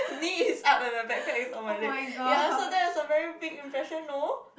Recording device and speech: boundary microphone, conversation in the same room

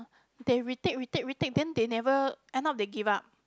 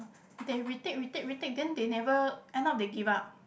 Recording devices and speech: close-talking microphone, boundary microphone, conversation in the same room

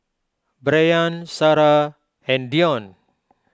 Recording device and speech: close-talking microphone (WH20), read sentence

